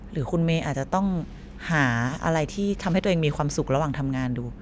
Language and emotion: Thai, neutral